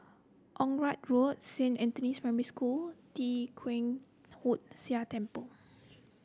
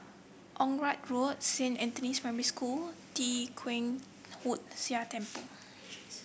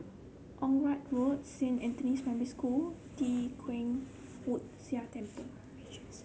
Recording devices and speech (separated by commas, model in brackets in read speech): close-talking microphone (WH30), boundary microphone (BM630), mobile phone (Samsung C7), read sentence